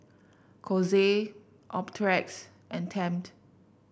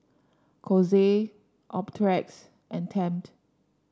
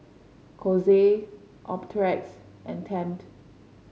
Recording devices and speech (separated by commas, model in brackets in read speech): boundary microphone (BM630), standing microphone (AKG C214), mobile phone (Samsung C5), read sentence